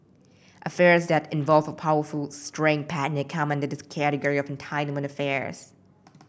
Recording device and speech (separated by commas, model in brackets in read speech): boundary microphone (BM630), read sentence